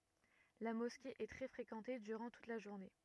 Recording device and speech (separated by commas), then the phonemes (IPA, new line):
rigid in-ear microphone, read sentence
la mɔske ɛ tʁɛ fʁekɑ̃te dyʁɑ̃ tut la ʒuʁne